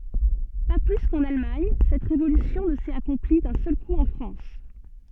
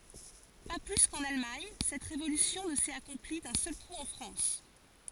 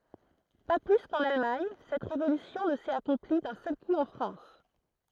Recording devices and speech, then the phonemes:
soft in-ear microphone, forehead accelerometer, throat microphone, read sentence
pa ply kɑ̃n almaɲ sɛt ʁevolysjɔ̃ nə sɛt akɔ̃pli dœ̃ sœl ku ɑ̃ fʁɑ̃s

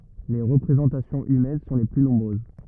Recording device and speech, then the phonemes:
rigid in-ear microphone, read sentence
le ʁəpʁezɑ̃tasjɔ̃z ymɛn sɔ̃ le ply nɔ̃bʁøz

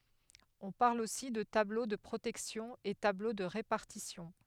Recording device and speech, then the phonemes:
headset microphone, read sentence
ɔ̃ paʁl osi də tablo də pʁotɛksjɔ̃ e tablo də ʁepaʁtisjɔ̃

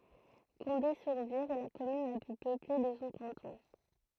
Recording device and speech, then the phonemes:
throat microphone, read sentence
kɔ̃de syʁ viʁ ɛ la kɔmyn la ply pøple də sɔ̃ kɑ̃tɔ̃

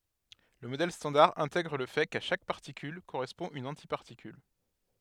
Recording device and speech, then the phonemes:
headset microphone, read sentence
lə modɛl stɑ̃daʁ ɛ̃tɛɡʁ lə fɛ ka ʃak paʁtikyl koʁɛspɔ̃ yn ɑ̃tipaʁtikyl

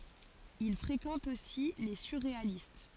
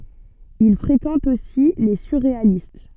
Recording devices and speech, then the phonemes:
forehead accelerometer, soft in-ear microphone, read sentence
il fʁekɑ̃t osi le syʁʁealist

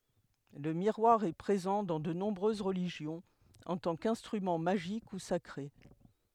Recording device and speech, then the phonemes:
headset microphone, read sentence
lə miʁwaʁ ɛ pʁezɑ̃ dɑ̃ də nɔ̃bʁøz ʁəliʒjɔ̃z ɑ̃ tɑ̃ kɛ̃stʁymɑ̃ maʒik u sakʁe

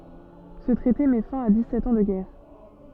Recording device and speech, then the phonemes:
soft in-ear microphone, read sentence
sə tʁɛte mɛ fɛ̃ a dikssɛt ɑ̃ də ɡɛʁ

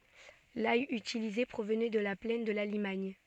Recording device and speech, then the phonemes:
soft in-ear microphone, read sentence
laj ytilize pʁovnɛ də la plɛn də la limaɲ

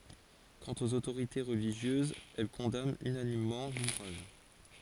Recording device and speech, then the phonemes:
forehead accelerometer, read sentence
kɑ̃t oz otoʁite ʁəliʒjøzz ɛl kɔ̃dant ynanimmɑ̃ luvʁaʒ

